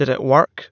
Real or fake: real